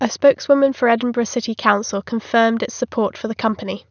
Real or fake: real